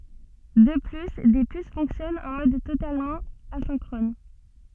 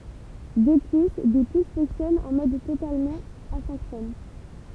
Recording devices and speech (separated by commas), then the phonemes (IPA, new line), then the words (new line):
soft in-ear microphone, temple vibration pickup, read sentence
də ply de pys fɔ̃ksjɔnɑ̃ ɑ̃ mɔd totalmɑ̃ azɛ̃kʁɔn
De plus, des puces fonctionnant en mode totalement asynchrone.